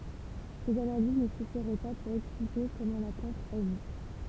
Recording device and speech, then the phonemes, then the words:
temple vibration pickup, read sentence
sez analiz nə syfiʁɛ pa puʁ ɛksplike kɔmɑ̃ la plɑ̃t aʒi
Ces analyses ne suffiraient pas pour expliquer comment la plante agit.

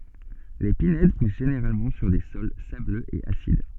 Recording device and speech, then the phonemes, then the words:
soft in-ear microphone, read sentence
le pinɛd pus ʒeneʁalmɑ̃ syʁ de sɔl sabløz e asid
Les pinèdes poussent généralement sur des sols sableux et acides.

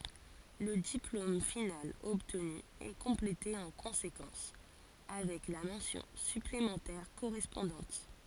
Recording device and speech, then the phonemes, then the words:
forehead accelerometer, read sentence
lə diplom final ɔbtny ɛ kɔ̃plete ɑ̃ kɔ̃sekɑ̃s avɛk la mɑ̃sjɔ̃ syplemɑ̃tɛʁ koʁɛspɔ̃dɑ̃t
Le diplôme final obtenu est complété en conséquence, avec la mention supplémentaire correspondante.

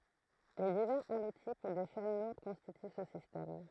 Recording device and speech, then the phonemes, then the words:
throat microphone, read sentence
le divɛʁz alotip de ʃɛn luʁd kɔ̃stity sə sistɛm
Les divers allotypes des chaînes lourdes constituent ce système.

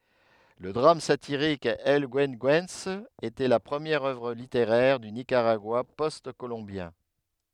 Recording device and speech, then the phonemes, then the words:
headset microphone, read sentence
lə dʁam satiʁik ɛl ɡyəɡyɑ̃s etɛ la pʁəmjɛʁ œvʁ liteʁɛʁ dy nikaʁaɡwa pɔst kolɔ̃bjɛ̃
Le drame satirique El Güegüense était la première œuvre littéraire du Nicaragua post-colombien.

